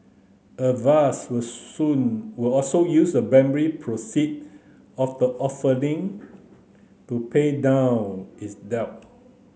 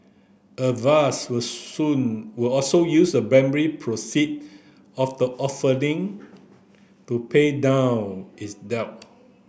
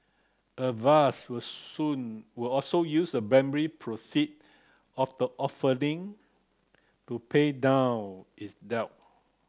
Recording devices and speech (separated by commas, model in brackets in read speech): mobile phone (Samsung C9), boundary microphone (BM630), close-talking microphone (WH30), read sentence